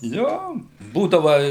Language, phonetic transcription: Lithuanian, ˈjo ˈbūdava

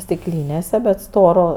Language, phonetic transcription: Lithuanian, stikˈlynėse bet ˈstoro

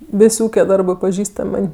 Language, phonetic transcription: Lithuanian, ˈvis' ˈūke ˈdarbɜ paˈžįstam' ˈman'

